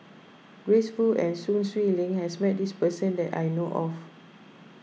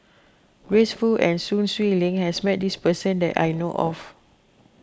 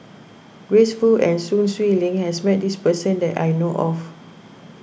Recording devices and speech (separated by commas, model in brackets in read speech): mobile phone (iPhone 6), close-talking microphone (WH20), boundary microphone (BM630), read sentence